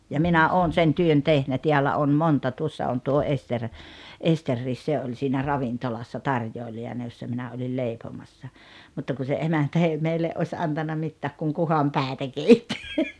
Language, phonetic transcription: Finnish, ja "minä "oon 'sen "työn "tehnä "tiällä 'on "monta 'tuossa on tuo 'Ester , "Esterriis 'se oĺ siinä 'ravintolassa "tarjòili₍ana jossa 'minä oĺil "lèipomassa , 'mutta ku se 'emäntä ei meille’ ’oś 'antanna 'mittääk kuŋ "kuhampä̀etä 'keitti .
- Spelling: ja minä olen sen työn tehnyt täällä on monta tuossa on tuo Esteri Esterikin se oli siinä ravintolassa tarjoilijana jossa minä olin leipomassa mutta kun se emäntä ei meille olisi antanut mitään kun kuhanpäitä keitti

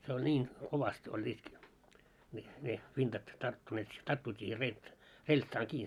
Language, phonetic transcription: Finnish, 'se oĺ 'ńiin , kovast oĺĺiit , mil ne 'vintat tarttuneet , tarttuit siihe reĺt- 'reĺtsaaŋ kii .
- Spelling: se oli niin kovasti olleet millä ne vintat tarttuneet tarttuivat siihen - reltsaan kiinni

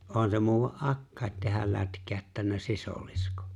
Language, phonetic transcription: Finnish, '’on se 'muuwa "’akkài̬t tehäl 'lätkääʸttännä "sisolisko[n] .
- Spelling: on se muuan akkakin tehdä lätkäyttänyt sisiliskon

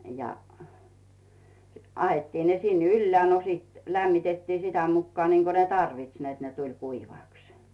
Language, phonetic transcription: Finnish, ja , 'ahettiin ne sin ‿"yllᵉä̀ , no siit , 'lämmitettii 'sitä mukkᵒà niiŋko ne "tarvits net ne 'tuĺ "kuivàks .
- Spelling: ja ahdettiin ne sinne ylös no sitten lämmitettiin sitä mukaa niin kuin ne tarvitsi että ne tuli kuivaksi

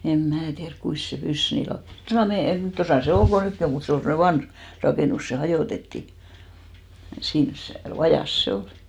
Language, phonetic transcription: Finnish, em 'mää tiärk 'kuis se 'pys "nii 'lau- , 'tosà 'meijä , 'tosà se 'ol ko "nykki om mut 'se ol semne 'vanh , 'rakènus , se 'hajòtetti , 'siins se , 'vajàs se 'olɪ .
- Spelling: en minä tiedä kuinka se pyssy niin - tuossa meidän tuossa se oli kun nytkin on mutta se oli semmoinen vanha rakennus se hajotettiin siinä se vajassa se oli

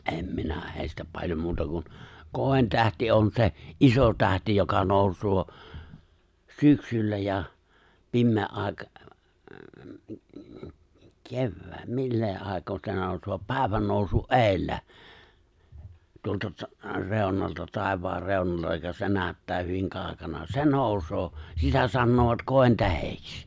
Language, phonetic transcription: Finnish, '’em minä hèistä 'paĺjom 'muuta kun , 'kòi̬ntähti on se , '’iso 'tähti joka 'nòusŭò , 'syksyllä ja , 'pimmee’ '’ài̬ka- , 'kevvää- , 'millee ài̬koo se 'nòusŭò 'pä̀i̬vän nòusu’ "’eeⁱllä , tu- tuosta 'rèu̬nalta 'tàev̀aar 'rèu̬n(alta) ja se 'nää§ttää hyviŋ 'kaaᵒkana , 'se 'noousoo , "sitä 'sannoovat "kòi̬ntähekś .
- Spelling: en minä heistä paljon muuta kuin kointähti on se iso tähti joka nousee syksyllä ja pimeän - - millä aikaa se nousee päivän nousun edellä - tuosta reunalta taivaan reunalta ja se näyttää hyvin kaukana se nousee sitä sanovat kointähdeksi

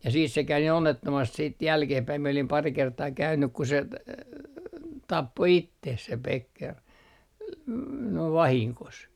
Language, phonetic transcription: Finnish, ja siis se käy nii 'onnettomast siit 'jälkehpäi mie olim 'pari 'kertaa "käynnyk ku se , 'tappo "itteh se 'Pekker , n - 'noiv "vahiŋkos .
- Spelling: ja siis se kävi niin onnettomasti sitten jälkeenpäin minä olin pari kertaa käynyt kun se tappoi itsensä se Becker - noin vahingossa

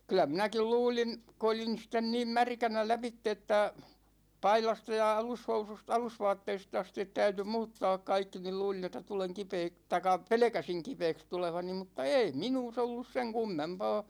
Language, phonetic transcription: Finnish, kylä 'minäkil "luulin , ku olin (nys) sitten 'niim "märkänä 'läpitte että , 'pailasta ja 'alushousus't ‿alusvaatteist ‿astit 'täyty "muuttaak 'kaikki nil 'luulin ‿että 'tuleŋ kipeek- , taikk̆a "pelᵉkäsiŋ 'kipeeks tulevani mutta "ei 'minuus ‿ollus 'seŋ 'kummempaa ,.
- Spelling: kyllä minäkin luulin kun olin nyt sitten niin märkänä lävitse että paidasta ja alushousuista alusvaatteista asti täytyi muuttaa kaikki niin luulin että tulen - tai pelkäsin kipeäksi tulevani mutta ei minussa ollut sen kummempaa

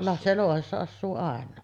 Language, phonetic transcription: Finnish, la- , se 'lòuhessa assuu 'àen̆naa .
- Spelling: - se louhessa asuu aina

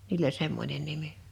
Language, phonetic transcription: Finnish, niil ‿oĺ 'semmońen 'nimi .
- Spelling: niillä oli semmoinen nimi

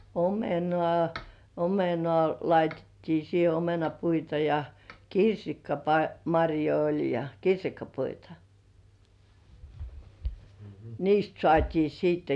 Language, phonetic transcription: Finnish, omenŏ§à , "omenŏ§à 'laitettii siihe , "omenapuita ja , "kirsikkapa- 'maŕjoi oĺ ja "kirsikkapuita , "niist 'sŏàt́ii siitte .
- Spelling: omenaa omenaa laitettiin siihen omenapuita ja - marjoja oli ja kirsikkapuita niistä saatiin sitten

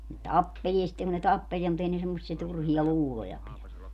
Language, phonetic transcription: Finnish, ne "tappeĺie sⁱtteŋ kun ne 'tappeliɛ mut ‿ei ne semmossie 'turhia "luuloja pilä .
- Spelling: ne tappelee sitten kun ne tappelee mutta ei ne semmoisia turhia luuloja pidä

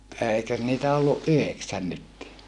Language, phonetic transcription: Finnish, èikös niitä olluʼ ʼyheksän nyttii .
- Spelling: eikös niitä ollut yhdeksän nytkin

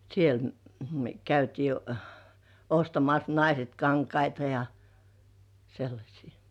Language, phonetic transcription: Finnish, 'siel , mʸö 'käytii , ostamas 'naiset "kaŋkaita ja , sellaśii .
- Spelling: siellä me käytiin ostamassa naiset kankaita ja sellaisia

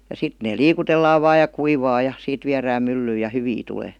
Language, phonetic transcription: Finnish, ja 'sit , ne "liikutellaav vaaj ja 'kuivaa ja , 'siit viärääm "myllyyj̆ ja "hyvi tulee .
- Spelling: ja sitten ne liikutellaan vain ja kuivaa ja siitä viedään myllyyn ja hyvin tulee

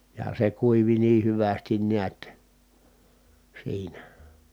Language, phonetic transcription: Finnish, ja se kuivi nii hyvästin niät , siinä .
- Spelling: ja se kuivui niin hyvästi näet siinä

